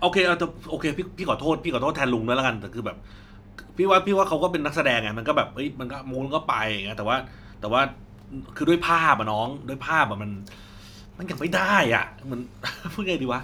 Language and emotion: Thai, frustrated